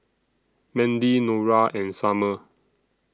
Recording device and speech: standing microphone (AKG C214), read sentence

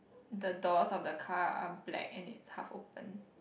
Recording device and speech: boundary microphone, conversation in the same room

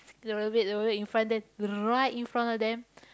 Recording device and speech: close-talking microphone, conversation in the same room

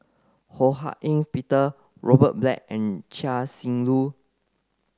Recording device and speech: close-talking microphone (WH30), read sentence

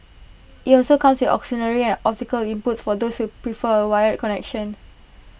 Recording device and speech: boundary microphone (BM630), read sentence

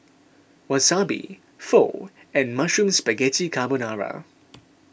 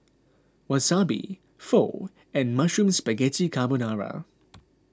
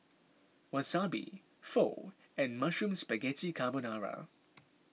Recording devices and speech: boundary microphone (BM630), close-talking microphone (WH20), mobile phone (iPhone 6), read sentence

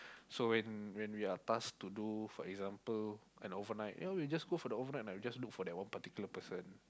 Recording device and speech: close-talking microphone, conversation in the same room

